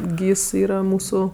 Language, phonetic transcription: Lithuanian, ˈgys ˈyra ˈmūsu

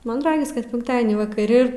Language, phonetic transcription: Lithuanian, ˈman ˈragis kad ˈpinktadienį vakaˈri

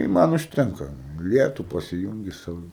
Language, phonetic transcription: Lithuanian, i ˈman užˈtenka ˈlietu pasiˈjūngi ˈsau

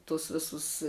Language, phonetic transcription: Lithuanian, tus ˈvisus

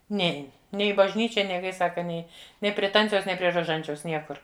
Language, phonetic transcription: Lithuanian, ˈnein ˈnei i bažˈnyčia ˈnei ˈkai ˈsaka ˈnei ˈnei prie ˈtanciaus ˈnei prie roˈžančiaus ˈniekur

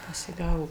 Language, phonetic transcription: Lithuanian, pasiˈgavo

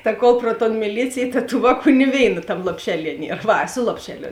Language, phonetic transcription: Lithuanian, ta ˈkol pro ton miˈlycėj ta tų ˈvāˌkų ni ˈvėina ˈtam lopˈšeˌlie ˈnier ˈva ˈsu lopšeˌlio

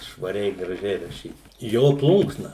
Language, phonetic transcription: Lithuanian, švaˈriai graˈžiai raˈšyt ˈjo ˈplunksna

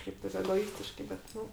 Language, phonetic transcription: Lithuanian, ˈšiaip taip egoˈistiškai bet ˈnu

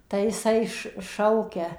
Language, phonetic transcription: Lithuanian, tai jiˈsai š ˈšaukia

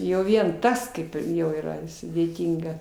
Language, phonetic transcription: Lithuanian, jau ˈvien ˈtas kaip ˈjau yˈra sudėˈtynga

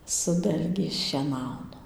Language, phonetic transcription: Lithuanian, su ˈdalgiais šieˈnauna

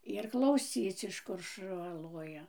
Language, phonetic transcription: Lithuanian, ir klauˈsyc iš ˈkur šuˈva ˈloja

